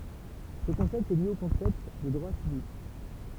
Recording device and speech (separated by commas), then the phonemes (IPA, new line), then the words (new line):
temple vibration pickup, read sentence
sə kɔ̃sɛpt ɛ lje o kɔ̃sɛpt də dʁwa sivik
Ce concept est lié au concept de droits civiques.